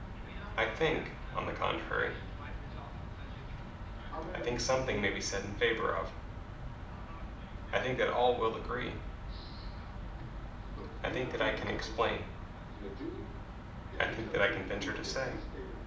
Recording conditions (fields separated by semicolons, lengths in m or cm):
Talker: one person; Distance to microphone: 2.0 m; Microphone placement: close; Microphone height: 99 cm; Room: medium-sized (5.7 m by 4.0 m); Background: television